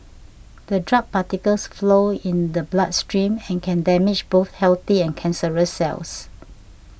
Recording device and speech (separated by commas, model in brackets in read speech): boundary microphone (BM630), read sentence